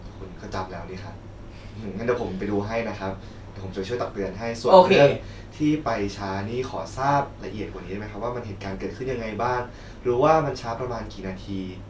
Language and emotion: Thai, frustrated